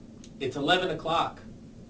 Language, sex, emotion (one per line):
English
male
neutral